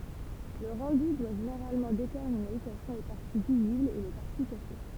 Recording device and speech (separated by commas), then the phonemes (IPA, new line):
temple vibration pickup, read sentence
lə ʁɑ̃dy dwa ʒeneʁalmɑ̃ detɛʁmine kɛl sɔ̃ le paʁti viziblz e le paʁti kaʃe